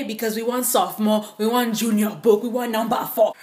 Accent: Nigerian accent